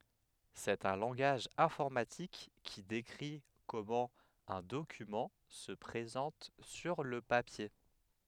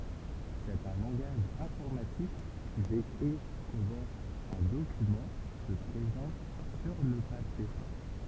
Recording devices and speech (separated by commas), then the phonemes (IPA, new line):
headset microphone, temple vibration pickup, read sentence
sɛt œ̃ lɑ̃ɡaʒ ɛ̃fɔʁmatik ki dekʁi kɔmɑ̃ œ̃ dokymɑ̃ sə pʁezɑ̃t syʁ lə papje